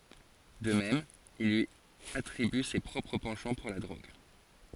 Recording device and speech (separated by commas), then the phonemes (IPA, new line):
forehead accelerometer, read sentence
də mɛm il lyi atʁiby se pʁɔpʁ pɑ̃ʃɑ̃ puʁ la dʁoɡ